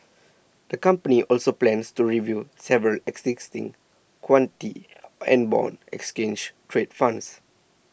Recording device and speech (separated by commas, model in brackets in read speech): boundary microphone (BM630), read sentence